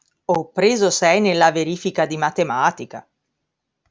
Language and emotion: Italian, surprised